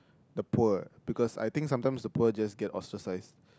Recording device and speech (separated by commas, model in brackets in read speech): close-talking microphone, conversation in the same room